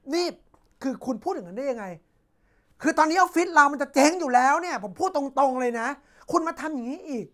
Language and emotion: Thai, angry